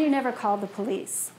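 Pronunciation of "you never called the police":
'You never called the police' is said with falling intonation.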